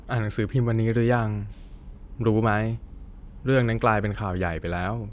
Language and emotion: Thai, neutral